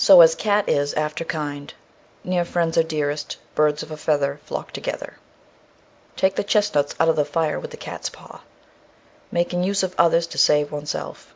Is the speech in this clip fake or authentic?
authentic